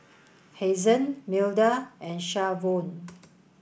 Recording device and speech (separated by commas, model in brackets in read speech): boundary microphone (BM630), read sentence